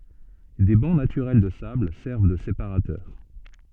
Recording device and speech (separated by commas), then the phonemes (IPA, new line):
soft in-ear microphone, read sentence
de bɑ̃ natyʁɛl də sabl sɛʁv də sepaʁatœʁ